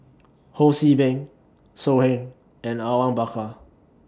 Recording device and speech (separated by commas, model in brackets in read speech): standing microphone (AKG C214), read sentence